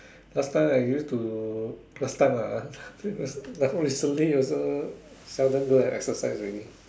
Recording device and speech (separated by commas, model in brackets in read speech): standing microphone, conversation in separate rooms